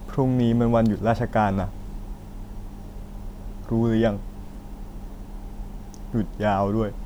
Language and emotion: Thai, sad